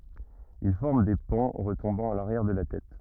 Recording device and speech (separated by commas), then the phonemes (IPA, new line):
rigid in-ear microphone, read sentence
il fɔʁm de pɑ̃ ʁətɔ̃bɑ̃ a laʁjɛʁ də la tɛt